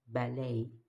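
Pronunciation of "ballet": In 'ballet', the stress is on the second syllable.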